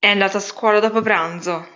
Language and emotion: Italian, angry